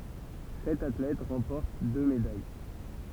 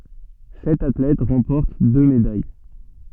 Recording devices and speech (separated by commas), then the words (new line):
temple vibration pickup, soft in-ear microphone, read sentence
Sept athlètes remportent deux médailles.